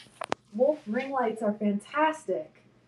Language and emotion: English, happy